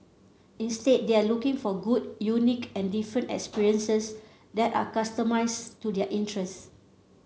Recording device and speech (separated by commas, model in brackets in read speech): mobile phone (Samsung C7), read sentence